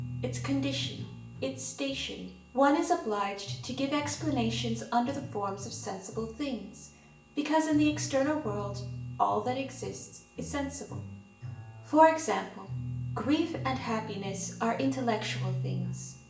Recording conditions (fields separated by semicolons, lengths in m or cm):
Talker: one person; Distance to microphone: 1.8 m; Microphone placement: close; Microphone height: 1.0 m; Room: large; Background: music